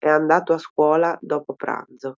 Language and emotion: Italian, neutral